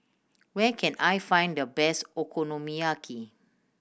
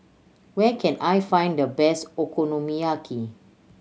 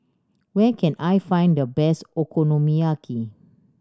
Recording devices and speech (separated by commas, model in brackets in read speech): boundary microphone (BM630), mobile phone (Samsung C7100), standing microphone (AKG C214), read sentence